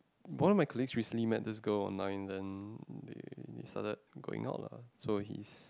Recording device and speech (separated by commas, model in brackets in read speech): close-talking microphone, conversation in the same room